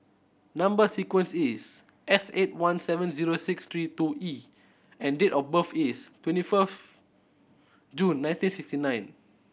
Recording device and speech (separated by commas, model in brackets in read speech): boundary microphone (BM630), read sentence